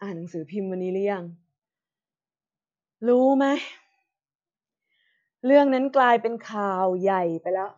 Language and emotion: Thai, frustrated